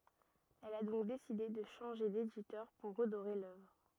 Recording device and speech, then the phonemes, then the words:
rigid in-ear microphone, read sentence
ɛl a dɔ̃k deside də ʃɑ̃ʒe deditœʁ puʁ ʁədoʁe lœvʁ
Elle a donc décidé de changer d'éditeur pour redorer l’œuvre.

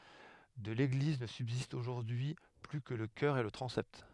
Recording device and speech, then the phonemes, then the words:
headset microphone, read sentence
də leɡliz nə sybzistt oʒuʁdyi y ply kə lə kœʁ e lə tʁɑ̃sɛt
De l'église ne subsistent aujourd'hui plus que le chœur et le transept.

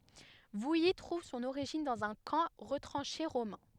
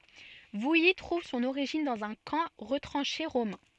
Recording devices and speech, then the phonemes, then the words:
headset microphone, soft in-ear microphone, read sentence
vuji tʁuv sɔ̃n oʁiʒin dɑ̃z œ̃ kɑ̃ ʁətʁɑ̃ʃe ʁomɛ̃
Vouilly trouve son origine dans un camp retranché romain.

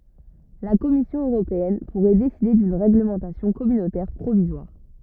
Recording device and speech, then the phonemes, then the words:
rigid in-ear microphone, read sentence
la kɔmisjɔ̃ øʁopeɛn puʁɛ deside dyn ʁeɡləmɑ̃tasjɔ̃ kɔmynotɛʁ pʁovizwaʁ
La Commission européenne pourrait décider d’une réglementation communautaire provisoire.

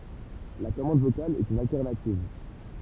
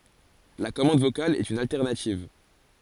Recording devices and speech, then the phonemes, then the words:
temple vibration pickup, forehead accelerometer, read sentence
la kɔmɑ̃d vokal ɛt yn altɛʁnativ
La commande vocale est une alternative.

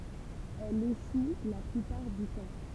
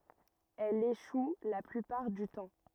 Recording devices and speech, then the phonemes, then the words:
temple vibration pickup, rigid in-ear microphone, read sentence
ɛl eʃu la plypaʁ dy tɑ̃
Elle échoue la plupart du temps.

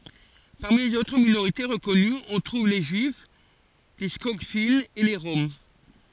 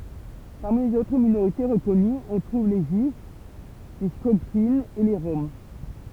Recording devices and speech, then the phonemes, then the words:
forehead accelerometer, temple vibration pickup, read sentence
paʁmi lez otʁ minoʁite ʁəkɔnyz ɔ̃ tʁuv le ʒyif le skɔɡfinz e le ʁɔm
Parmi les autres minorités reconnues, on trouve les juifs, les Skogfinns et les Roms.

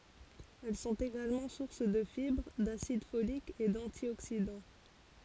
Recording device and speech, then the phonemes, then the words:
forehead accelerometer, read sentence
ɛl sɔ̃t eɡalmɑ̃ suʁs də fibʁ dasid folik e dɑ̃tjoksidɑ̃
Elles sont également sources de fibres, d'acide folique et d'antioxydants.

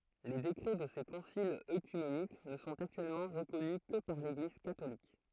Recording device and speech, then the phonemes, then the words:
throat microphone, read sentence
le dekʁɛ də se kɔ̃silz økymenik nə sɔ̃t aktyɛlmɑ̃ ʁəkɔny kə paʁ leɡliz katolik
Les décrets de ces conciles œcuméniques ne sont actuellement reconnus que par l'Église catholique.

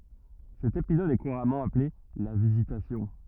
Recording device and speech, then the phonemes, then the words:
rigid in-ear microphone, read sentence
sɛt epizɔd ɛ kuʁamɑ̃ aple la vizitasjɔ̃
Cet épisode est couramment appelé la Visitation.

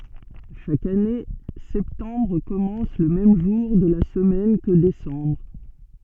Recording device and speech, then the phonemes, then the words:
soft in-ear microphone, read sentence
ʃak ane sɛptɑ̃bʁ kɔmɑ̃s lə mɛm ʒuʁ də la səmɛn kə desɑ̃bʁ
Chaque année, septembre commence le même jour de la semaine que décembre.

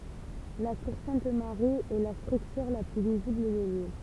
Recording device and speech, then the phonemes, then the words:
temple vibration pickup, read sentence
la tuʁ sɛ̃t maʁi ɛ la stʁyktyʁ la ply vizibl də lil
La tour Sainte Marie est la structure la plus visible de l'île.

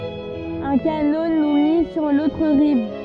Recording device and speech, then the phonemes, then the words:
soft in-ear microphone, read sentence
œ̃ kano nu mi syʁ lotʁ ʁiv
Un canot nous mit sur l'autre rive.

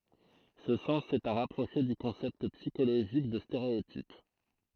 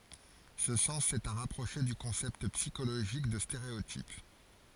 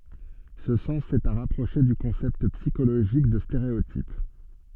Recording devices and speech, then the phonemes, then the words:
throat microphone, forehead accelerometer, soft in-ear microphone, read sentence
sə sɑ̃s ɛt a ʁapʁoʃe dy kɔ̃sɛpt psikoloʒik də steʁeotip
Ce sens est à rapprocher du concept psychologique de stéréotype.

